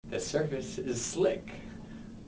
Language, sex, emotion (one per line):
English
male
neutral